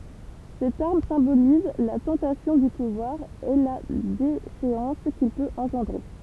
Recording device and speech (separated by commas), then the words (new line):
temple vibration pickup, read sentence
Cette arme symbolise la tentation du pouvoir, et la déchéance qu'il peut engendrer.